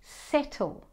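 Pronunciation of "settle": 'Settle' is said the standard British way, with the t said as a t, not as a flat d.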